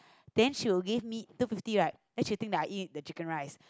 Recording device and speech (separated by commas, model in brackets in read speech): close-talking microphone, conversation in the same room